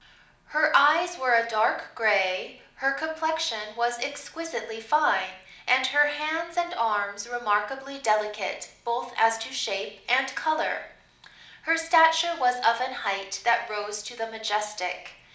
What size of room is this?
A medium-sized room (about 5.7 m by 4.0 m).